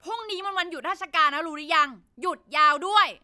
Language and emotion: Thai, angry